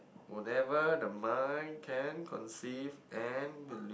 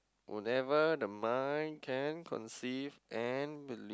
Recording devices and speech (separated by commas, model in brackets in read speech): boundary microphone, close-talking microphone, conversation in the same room